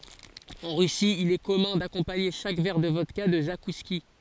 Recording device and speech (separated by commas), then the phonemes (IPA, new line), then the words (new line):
forehead accelerometer, read sentence
ɑ̃ ʁysi il ɛ kɔmœ̃ dakɔ̃paɲe ʃak vɛʁ də vɔdka də zakuski
En Russie, il est commun d‘accompagner chaque verre de vodka de zakouskis.